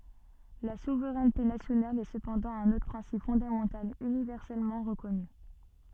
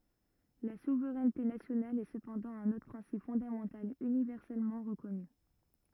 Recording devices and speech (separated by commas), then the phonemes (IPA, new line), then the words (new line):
soft in-ear microphone, rigid in-ear microphone, read sentence
la suvʁɛnte nasjonal ɛ səpɑ̃dɑ̃ œ̃n otʁ pʁɛ̃sip fɔ̃damɑ̃tal ynivɛʁsɛlmɑ̃ ʁəkɔny
La souveraineté nationale est cependant un autre principe fondamental universellement reconnu.